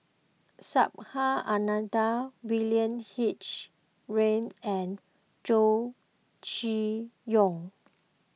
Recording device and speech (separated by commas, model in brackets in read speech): mobile phone (iPhone 6), read sentence